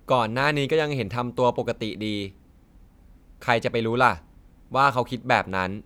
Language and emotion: Thai, neutral